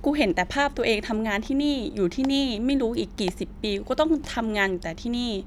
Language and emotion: Thai, frustrated